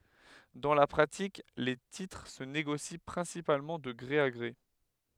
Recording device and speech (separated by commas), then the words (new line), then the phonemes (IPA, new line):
headset microphone, read sentence
Dans la pratique, les titres se négocient principalement de gré à gré.
dɑ̃ la pʁatik le titʁ sə neɡosi pʁɛ̃sipalmɑ̃ də ɡʁe a ɡʁe